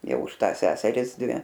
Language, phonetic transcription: Lithuanian, ˈjau už ˈtąs ˈseseris ˈdvi

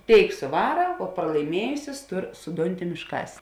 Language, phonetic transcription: Lithuanian, ˈtėik suˈvara o pralaiˈmiejusis ˈtur su ˈdunˌtim išˈkas

